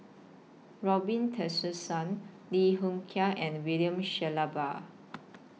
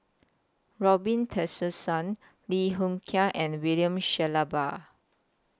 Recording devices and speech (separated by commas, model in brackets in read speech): mobile phone (iPhone 6), close-talking microphone (WH20), read sentence